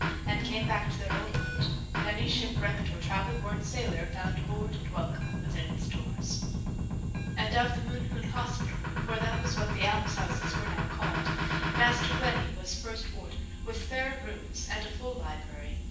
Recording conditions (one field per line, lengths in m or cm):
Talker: one person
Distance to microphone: 9.8 m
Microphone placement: far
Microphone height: 1.8 m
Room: large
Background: music